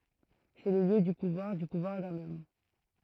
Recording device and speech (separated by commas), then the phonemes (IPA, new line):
throat microphone, read sentence
sɛ lə ljø dy puvwaʁ dy puvwaʁ dœ̃n ɔm